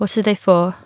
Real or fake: real